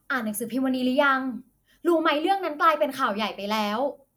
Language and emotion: Thai, angry